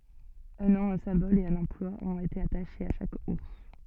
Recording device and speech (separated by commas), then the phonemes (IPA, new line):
soft in-ear microphone, read sentence
œ̃ nɔ̃ œ̃ sɛ̃bɔl e œ̃n ɑ̃plwa ɔ̃t ete ataʃez a ʃak uʁs